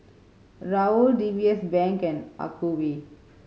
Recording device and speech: mobile phone (Samsung C5010), read sentence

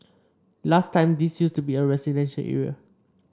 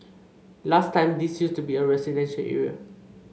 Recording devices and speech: standing microphone (AKG C214), mobile phone (Samsung C5), read sentence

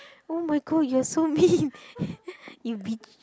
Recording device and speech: close-talking microphone, conversation in the same room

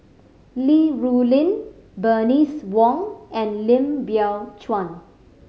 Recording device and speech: mobile phone (Samsung C5010), read sentence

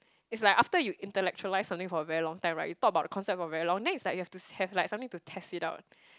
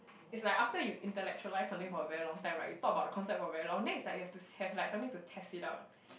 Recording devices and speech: close-talking microphone, boundary microphone, conversation in the same room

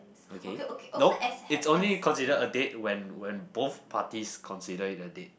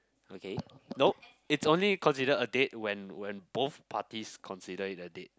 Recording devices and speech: boundary microphone, close-talking microphone, conversation in the same room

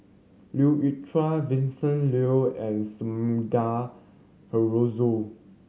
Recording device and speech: mobile phone (Samsung C7100), read sentence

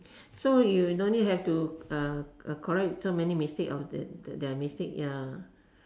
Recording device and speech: standing microphone, conversation in separate rooms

